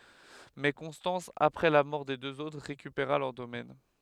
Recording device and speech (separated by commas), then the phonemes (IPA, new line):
headset microphone, read sentence
mɛ kɔ̃stɑ̃s apʁɛ la mɔʁ de døz otʁ ʁekypeʁa lœʁ domɛn